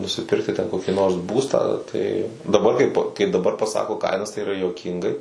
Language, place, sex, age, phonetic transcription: Lithuanian, Suvalkija, male, 18-60, nusiˈpirkti ten ˈkoki nors ˈbūstą tai daˈbar kaip kai daˈbar paˈsako ˈkainas tai yˈra juoˈkyngai

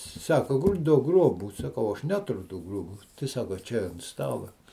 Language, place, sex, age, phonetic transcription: Lithuanian, Žemaitija, male, 60+, ˈsako ˈduok ˈgrobų saˈkau ˈaš ˈneturiu ˈtų ˈgruobų tai ˈsako ˈčia ant ˈstala

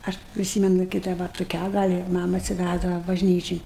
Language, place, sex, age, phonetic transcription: Lithuanian, Aukštaitija, female, 60+, ˈaš priˈsymenu kai ˈda va tuˈkią ˈgal' i ˈmama atsiˈvæzdava bažˈnyčin

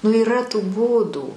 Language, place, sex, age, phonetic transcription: Lithuanian, Aukštaitija, female, 60+, nu yˈra tų ˈbūdų

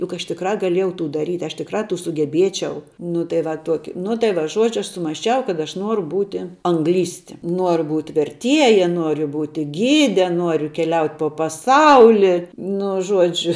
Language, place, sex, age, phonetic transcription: Lithuanian, Žemaitija, female, 18-60, juk aš tikˈrā gaˈliejau ˈtų daˈryt' aš tikˈrā sugeˈbiečiau nu tai ˈva ˈtuoki nu tai ˈva ˈžuodžiu ˈaš sumasˈčiau kad ˈaš ˈnuoru ˈbūti anˈglysti ˈnuoru būt' verˈtieja ˈnuoriu ˈbūti ˈgyde ˈnuoriu keˈliaut' po paˈsauli ˈnu ˈžuodžiu

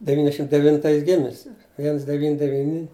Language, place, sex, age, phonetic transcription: Lithuanian, Žemaitija, male, 60+, deˈvyniasdešim devinˈtais ˈgimisi ˈviens deˈvyni deˈvyni

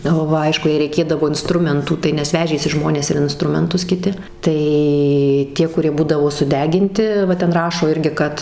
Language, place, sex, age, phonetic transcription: Lithuanian, Suvalkija, female, 18-60, ˈva ˈaišku jei reiˈkėdavo inˈstrumentų ˈtai nes ˈvežėsi ˈžmonės ir inˈstrumentus kiˈti ˈtai ˈtie kuˈrie ˈbūdavo suˈdeginti ˈva ˈten ˈrašo ˈirgi ˈkad

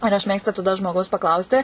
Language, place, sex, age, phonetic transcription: Lithuanian, Suvalkija, female, 18-60, ir aš ˈmėgstu taˈda žmoˈgaus paˈklausti

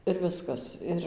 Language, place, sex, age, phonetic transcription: Lithuanian, Dzūkija, female, 18-60, ir ˈviskas ˈir

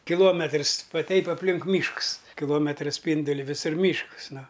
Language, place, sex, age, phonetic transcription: Lithuanian, Aukštaitija, male, 60+, kiˈluometrs ˈva ˈteip apˈlink ˈmyšks kiˈlometra ˈspynduli viˈsur ˈmyšks ˈnu

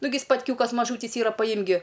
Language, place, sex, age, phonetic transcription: Lithuanian, Aukštaitija, female, 18-60, ˈnugi spatˈkiūkas maˈžūtys ˈyra paˈjimk gi

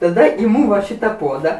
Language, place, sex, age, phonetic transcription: Lithuanian, Aukštaitija, female, 60+, taˈda iˈmū va ˈšita ˈpuoda

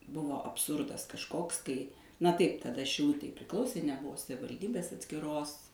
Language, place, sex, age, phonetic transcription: Lithuanian, Suvalkija, female, 60+, ˈbuvo abˈsurdas kažˈkoks kai na ˈtaip taˈda šiˈlutei priˈklausė neˈbuvo savivalˈdybės atskiˈros

